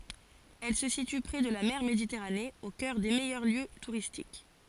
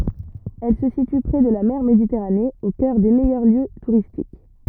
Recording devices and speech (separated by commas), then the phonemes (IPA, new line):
forehead accelerometer, rigid in-ear microphone, read sentence
ɛl sə sity pʁe də la mɛʁ meditɛʁane o kœʁ de mɛjœʁ ljø tuʁistik